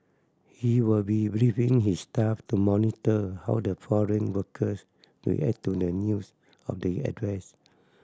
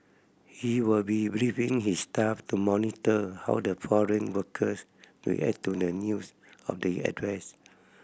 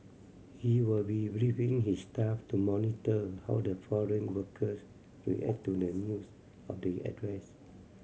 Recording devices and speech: standing microphone (AKG C214), boundary microphone (BM630), mobile phone (Samsung C7100), read sentence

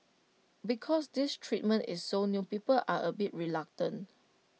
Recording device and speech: mobile phone (iPhone 6), read sentence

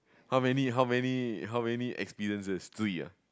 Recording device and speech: close-talking microphone, conversation in the same room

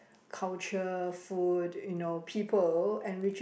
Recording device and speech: boundary microphone, conversation in the same room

